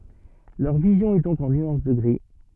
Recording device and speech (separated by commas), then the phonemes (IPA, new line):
soft in-ear microphone, read sentence
lœʁ vizjɔ̃ ɛ dɔ̃k ɑ̃ nyɑ̃s də ɡʁi